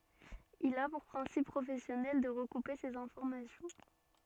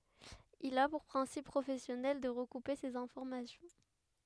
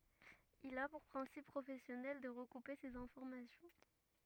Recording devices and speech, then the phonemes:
soft in-ear microphone, headset microphone, rigid in-ear microphone, read sentence
il a puʁ pʁɛ̃sip pʁofɛsjɔnɛl də ʁəkupe sez ɛ̃fɔʁmasjɔ̃

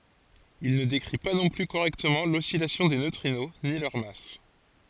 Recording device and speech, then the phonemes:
forehead accelerometer, read sentence
il nə dekʁi pa nɔ̃ ply koʁɛktəmɑ̃ lɔsilasjɔ̃ de nøtʁino ni lœʁ mas

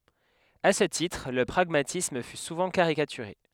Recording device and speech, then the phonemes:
headset microphone, read sentence
a sə titʁ lə pʁaɡmatism fy suvɑ̃ kaʁikatyʁe

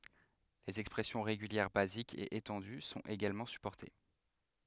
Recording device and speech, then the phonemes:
headset microphone, read sentence
lez ɛkspʁɛsjɔ̃ ʁeɡyljɛʁ bazikz e etɑ̃dy sɔ̃t eɡalmɑ̃ sypɔʁte

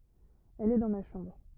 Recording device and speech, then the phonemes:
rigid in-ear microphone, read sentence
ɛl ɛ dɑ̃ ma ʃɑ̃bʁ

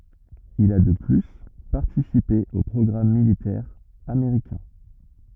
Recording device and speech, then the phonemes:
rigid in-ear microphone, read sentence
il a də ply paʁtisipe o pʁɔɡʁam militɛʁz ameʁikɛ̃

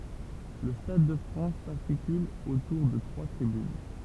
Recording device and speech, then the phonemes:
temple vibration pickup, read sentence
lə stad də fʁɑ̃s saʁtikyl otuʁ də tʁwa tʁibyn

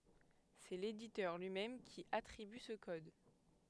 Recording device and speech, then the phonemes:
headset microphone, read sentence
sɛ leditœʁ lyi mɛm ki atʁiby sə kɔd

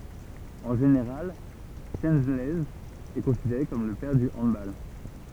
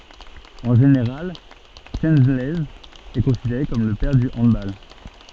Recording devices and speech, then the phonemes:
temple vibration pickup, soft in-ear microphone, read sentence
ɑ̃ ʒeneʁal ʃəlɛnz ɛ kɔ̃sideʁe kɔm lə pɛʁ dy ɑ̃dbal

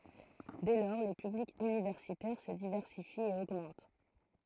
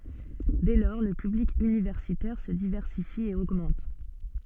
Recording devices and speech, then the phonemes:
throat microphone, soft in-ear microphone, read sentence
dɛ lɔʁ lə pyblik ynivɛʁsitɛʁ sə divɛʁsifi e oɡmɑ̃t

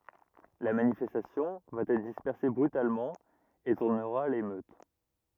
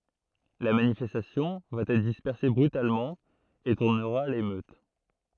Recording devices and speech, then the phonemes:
rigid in-ear microphone, throat microphone, read sentence
la manifɛstasjɔ̃ va ɛtʁ dispɛʁse bʁytalmɑ̃ e tuʁnəʁa a lemøt

